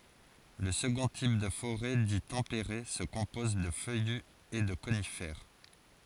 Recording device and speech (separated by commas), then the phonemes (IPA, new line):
forehead accelerometer, read sentence
lə səɡɔ̃ tip də foʁɛ di tɑ̃peʁe sə kɔ̃pɔz də fœjy e də konifɛʁ